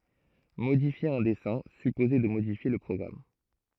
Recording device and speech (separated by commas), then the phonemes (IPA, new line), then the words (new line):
throat microphone, read sentence
modifje œ̃ dɛsɛ̃ sypozɛ də modifje lə pʁɔɡʁam
Modifier un dessin supposait de modifier le programme.